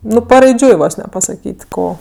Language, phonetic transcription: Lithuanian, ˈnu paraiˈdžiui ˈvos ne pasaˈkyt' ˈko

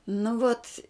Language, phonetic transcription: Lithuanian, nu ˈvot

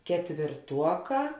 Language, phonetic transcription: Lithuanian, ketvirˈtuoˌkā

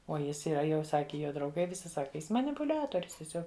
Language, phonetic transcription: Lithuanian, o ˈjis yˈra jau ˈsaki ˈjo drauˈgai viˈsi ˈsaki ˈjis manipuˈliatorius tieˈsiog

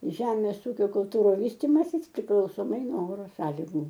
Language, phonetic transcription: Lithuanian, ˈžemės ˈūkio kulˈtūru ˈvystimasis priklausoˈmai no ˈoro ˈsąligu

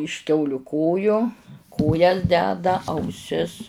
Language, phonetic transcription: Lithuanian, iš ˈkiauliu ˈkojo ˈkojas ˈdeda auˈsis

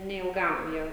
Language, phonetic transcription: Lithuanian, neilˈgam ˈjie

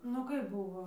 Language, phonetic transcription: Lithuanian, nu ˈkaip ˈbuvo

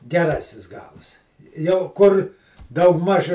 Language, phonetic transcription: Lithuanian, geˈrasis ˈgals jau ˈkur ˈdaugˌmaž

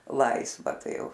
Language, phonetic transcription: Lithuanian, ˈlaisva ˈtai ˈjau

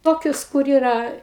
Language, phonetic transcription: Lithuanian, ˈtokius kur ˈyra

